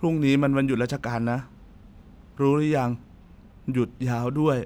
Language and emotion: Thai, sad